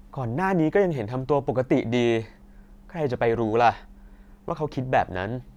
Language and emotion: Thai, frustrated